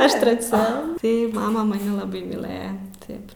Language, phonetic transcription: Lithuanian, ˈaš treˈcia ˈtai ˈmama maˈni laˈbai myˈlɘja ˈtaip

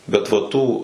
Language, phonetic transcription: Lithuanian, ˈbet va ˈtų

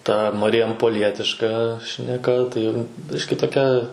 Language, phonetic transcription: Lithuanian, ˈta marijampoˈlietiška šneˈka tai ˈbiški toˈkia

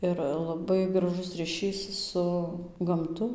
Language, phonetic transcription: Lithuanian, ˈir laˈbai graˈžus ryˈšys ˈsu gamˈtu

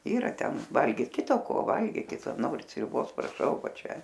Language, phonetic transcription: Lithuanian, ˈyra ˈten ˈvalgyt ˈkita ko ˈvalgykit ˈnorit sriuˈbos praˈšau ˈva ˈčia

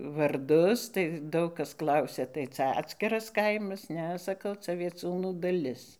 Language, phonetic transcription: Lithuanian, varˈdus tai ˈdaug ˈkas ˈklausia tai ˈcia ˈatskiras ˈkaimas ˈne saˈkau ca vieˈciūnų daˈlis

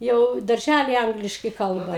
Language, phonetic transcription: Lithuanian, ˈjau darˈžæli ˈangliškai ˈkalba

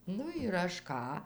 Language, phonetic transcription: Lithuanian, ˈnu ir ˈaš ˈką

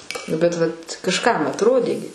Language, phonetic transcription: Lithuanian, ˈnu bet ˈvat kažˈkam atˈrodė gi

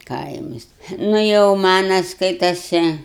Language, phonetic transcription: Lithuanian, ˈkaimas ˈnu jau ˈmana ˈskaitase

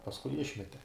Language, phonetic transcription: Lithuanian, pasˈkui ˈišmete

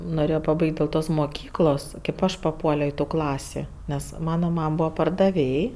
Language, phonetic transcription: Lithuanian, noˈrėjo paˈbaig't' dėl ˈtos moˈkyklos kėp ˈaš paˈpuolio i tų ˈklasi ˈnes ˈmana ˈmam ˈbūva pardaˈvėj

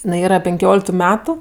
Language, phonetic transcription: Lithuanian, iˈnai ˈyra penˈkioliktu ˈmetu

